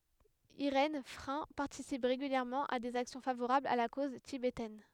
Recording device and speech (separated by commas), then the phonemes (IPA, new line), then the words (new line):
headset microphone, read sentence
iʁɛn fʁɛ̃ paʁtisip ʁeɡyljɛʁmɑ̃ a dez aksjɔ̃ favoʁablz a la koz tibetɛn
Irène Frain participe régulièrement à des actions favorables à la cause tibétaine.